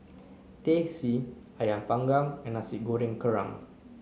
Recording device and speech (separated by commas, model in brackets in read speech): mobile phone (Samsung C9), read sentence